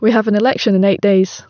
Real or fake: real